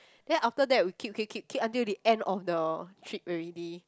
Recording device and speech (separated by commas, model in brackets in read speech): close-talking microphone, conversation in the same room